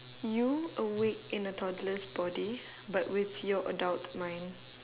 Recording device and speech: telephone, conversation in separate rooms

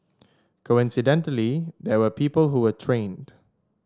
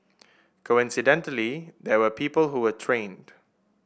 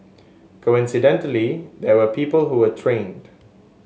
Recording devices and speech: standing microphone (AKG C214), boundary microphone (BM630), mobile phone (Samsung S8), read sentence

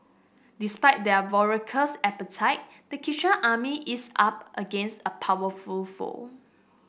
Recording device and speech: boundary microphone (BM630), read sentence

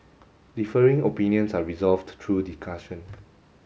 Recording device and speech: mobile phone (Samsung S8), read sentence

